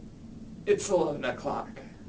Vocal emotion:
neutral